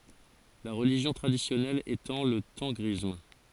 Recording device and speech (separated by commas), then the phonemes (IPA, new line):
forehead accelerometer, read sentence
la ʁəliʒjɔ̃ tʁadisjɔnɛl etɑ̃ lə tɑ̃ɡʁism